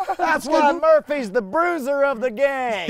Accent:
southern accent